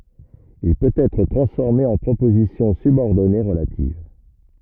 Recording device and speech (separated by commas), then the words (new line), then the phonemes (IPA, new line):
rigid in-ear microphone, read sentence
Il peut être transformé en proposition subordonnée relative.
il pøt ɛtʁ tʁɑ̃sfɔʁme ɑ̃ pʁopozisjɔ̃ sybɔʁdɔne ʁəlativ